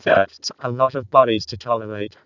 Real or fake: fake